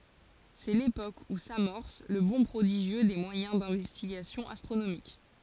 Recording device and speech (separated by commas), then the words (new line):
forehead accelerometer, read sentence
C'est l'époque où s'amorce le bond prodigieux des moyens d'investigation astronomique.